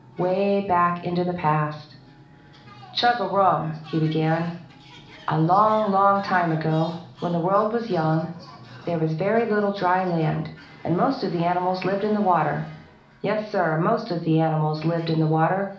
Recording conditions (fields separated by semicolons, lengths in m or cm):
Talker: one person; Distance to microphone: 2.0 m; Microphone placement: close; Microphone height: 99 cm; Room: medium-sized (5.7 m by 4.0 m); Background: television